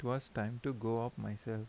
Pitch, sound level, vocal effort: 115 Hz, 79 dB SPL, soft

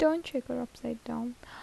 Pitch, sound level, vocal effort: 255 Hz, 76 dB SPL, soft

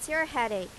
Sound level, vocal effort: 93 dB SPL, loud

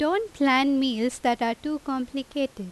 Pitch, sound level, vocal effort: 270 Hz, 88 dB SPL, loud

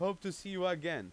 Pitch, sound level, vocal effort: 185 Hz, 95 dB SPL, very loud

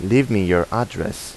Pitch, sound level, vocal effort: 105 Hz, 85 dB SPL, normal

